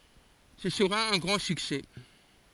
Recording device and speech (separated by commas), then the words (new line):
forehead accelerometer, read sentence
Ce sera un grand succès.